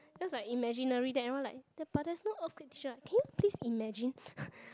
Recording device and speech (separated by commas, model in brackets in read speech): close-talking microphone, conversation in the same room